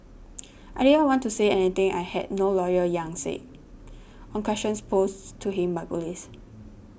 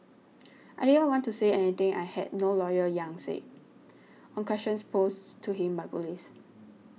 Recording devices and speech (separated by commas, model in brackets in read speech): boundary microphone (BM630), mobile phone (iPhone 6), read sentence